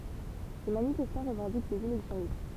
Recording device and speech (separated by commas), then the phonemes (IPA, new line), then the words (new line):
temple vibration pickup, read sentence
le manifɛstɑ̃ ʁəvɑ̃dik dez elɛksjɔ̃ libʁ
Les manifestants revendiquent des élections libres.